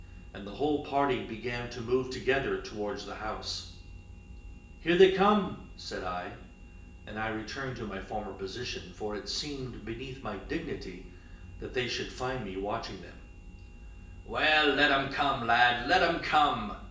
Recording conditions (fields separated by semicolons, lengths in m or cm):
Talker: one person; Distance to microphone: 1.8 m; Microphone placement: close; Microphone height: 1.0 m; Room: large; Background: none